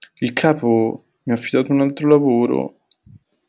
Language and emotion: Italian, sad